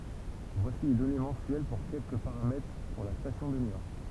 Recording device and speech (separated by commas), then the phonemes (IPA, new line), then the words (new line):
temple vibration pickup, read sentence
vwasi le dɔne mɑ̃syɛl puʁ kɛlkə paʁamɛtʁ puʁ la stasjɔ̃ də njɔʁ
Voici les données mensuelles pour quelques paramètres pour la station de Niort.